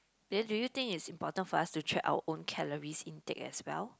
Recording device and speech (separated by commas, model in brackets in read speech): close-talking microphone, conversation in the same room